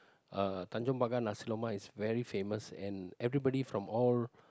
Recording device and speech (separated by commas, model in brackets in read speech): close-talking microphone, conversation in the same room